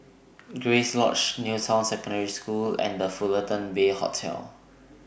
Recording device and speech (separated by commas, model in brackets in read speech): boundary microphone (BM630), read sentence